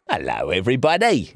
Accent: In vaguely European accent